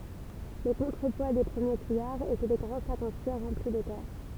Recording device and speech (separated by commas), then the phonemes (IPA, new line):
temple vibration pickup, read sentence
le kɔ̃tʁəpwa de pʁəmje kujaʁz etɛ de ɡʁɑ̃ sakz ɑ̃ kyiʁ ʁɑ̃pli də tɛʁ